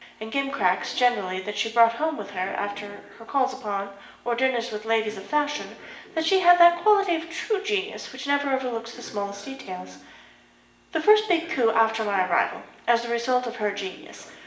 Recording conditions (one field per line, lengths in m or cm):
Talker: one person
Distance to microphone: 1.8 m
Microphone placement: close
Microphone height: 1.0 m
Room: large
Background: television